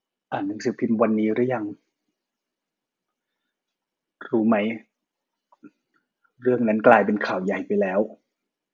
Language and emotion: Thai, sad